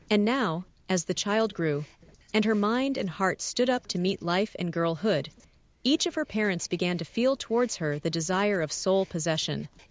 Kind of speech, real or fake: fake